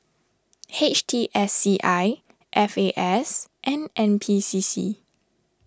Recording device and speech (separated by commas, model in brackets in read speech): standing microphone (AKG C214), read sentence